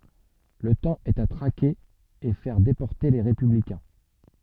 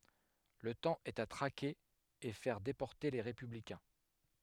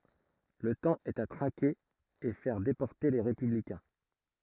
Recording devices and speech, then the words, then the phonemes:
soft in-ear microphone, headset microphone, throat microphone, read sentence
Le temps est à traquer et faire déporter les républicains.
lə tɑ̃ ɛt a tʁake e fɛʁ depɔʁte le ʁepyblikɛ̃

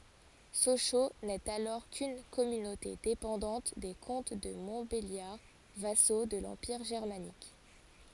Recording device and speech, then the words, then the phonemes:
forehead accelerometer, read sentence
Sochaux n'est alors qu'une communauté dépendante des comtes de Montbéliard vassaux de l'Empire germanique.
soʃo nɛt alɔʁ kyn kɔmynote depɑ̃dɑ̃t de kɔ̃t də mɔ̃tbeljaʁ vaso də lɑ̃piʁ ʒɛʁmanik

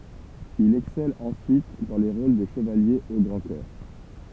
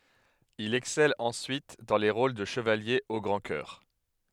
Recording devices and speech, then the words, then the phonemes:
temple vibration pickup, headset microphone, read sentence
Il excelle ensuite dans les rôles de chevalier au grand cœur.
il ɛksɛl ɑ̃syit dɑ̃ le ʁol də ʃəvalje o ɡʁɑ̃ kœʁ

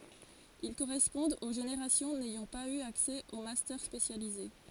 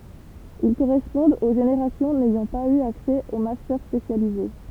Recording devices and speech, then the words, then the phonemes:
forehead accelerometer, temple vibration pickup, read sentence
Ils correspondent aux générations n'ayant pas eu accès aux Master spécialisés.
il koʁɛspɔ̃dt o ʒeneʁasjɔ̃ nɛjɑ̃ paz y aksɛ o mastœʁ spesjalize

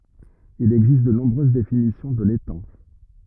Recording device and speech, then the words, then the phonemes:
rigid in-ear microphone, read sentence
Il existe de nombreuses définitions de l’étang.
il ɛɡzist də nɔ̃bʁøz definisjɔ̃ də letɑ̃

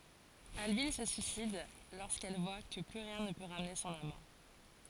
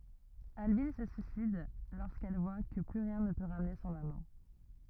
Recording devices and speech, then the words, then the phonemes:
forehead accelerometer, rigid in-ear microphone, read sentence
Albine se suicide lorsqu’elle voit que plus rien ne peut ramener son amant.
albin sə syisid loʁskɛl vwa kə ply ʁjɛ̃ nə pø ʁamne sɔ̃n amɑ̃

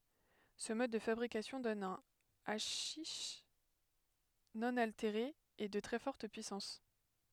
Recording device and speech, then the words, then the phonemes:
headset microphone, read sentence
Ce mode de fabrication donne un haschich non altéré et de très forte puissance.
sə mɔd də fabʁikasjɔ̃ dɔn œ̃ aʃiʃ nɔ̃ alteʁe e də tʁɛ fɔʁt pyisɑ̃s

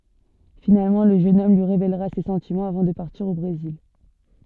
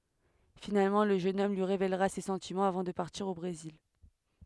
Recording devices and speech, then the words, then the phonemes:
soft in-ear microphone, headset microphone, read sentence
Finalement, le jeune homme lui révélera ses sentiments avant de partir au Brésil.
finalmɑ̃ lə ʒøn ɔm lyi ʁevelʁa se sɑ̃timɑ̃z avɑ̃ də paʁtiʁ o bʁezil

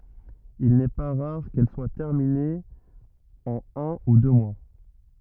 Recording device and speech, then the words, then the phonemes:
rigid in-ear microphone, read sentence
Il n'est pas rare qu'elles soient terminées en un ou deux mois.
il nɛ pa ʁaʁ kɛl swa tɛʁminez ɑ̃n œ̃ u dø mwa

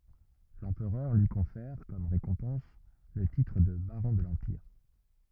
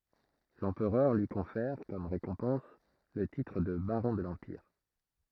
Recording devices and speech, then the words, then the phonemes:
rigid in-ear microphone, throat microphone, read sentence
L'Empereur lui confère, comme récompense, le titre de baron de l'Empire.
lɑ̃pʁœʁ lyi kɔ̃fɛʁ kɔm ʁekɔ̃pɑ̃s lə titʁ də baʁɔ̃ də lɑ̃piʁ

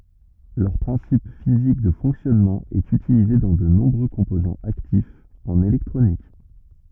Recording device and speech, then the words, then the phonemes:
rigid in-ear microphone, read sentence
Leur principe physique de fonctionnement est utilisé dans de nombreux composants actifs en électronique.
lœʁ pʁɛ̃sip fizik də fɔ̃ksjɔnmɑ̃ ɛt ytilize dɑ̃ də nɔ̃bʁø kɔ̃pozɑ̃z aktifz ɑ̃n elɛktʁonik

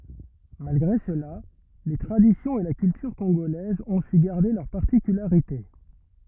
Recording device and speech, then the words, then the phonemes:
rigid in-ear microphone, read sentence
Malgré cela, les traditions et la culture congolaises ont su garder leurs particularités.
malɡʁe səla le tʁaditjɔ̃z e la kyltyʁ kɔ̃ɡolɛzz ɔ̃ sy ɡaʁde lœʁ paʁtikylaʁite

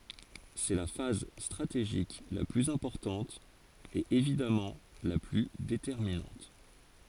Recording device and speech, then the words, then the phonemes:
forehead accelerometer, read sentence
C'est la phase stratégique la plus importante, et évidemment la plus déterminante.
sɛ la faz stʁateʒik la plyz ɛ̃pɔʁtɑ̃t e evidamɑ̃ la ply detɛʁminɑ̃t

